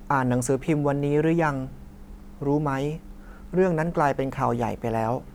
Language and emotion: Thai, neutral